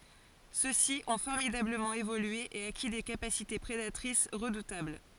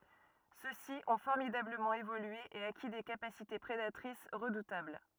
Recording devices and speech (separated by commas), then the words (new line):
forehead accelerometer, rigid in-ear microphone, read sentence
Ceux-ci ont formidablement évolué et acquis des capacités prédatrices redoutables.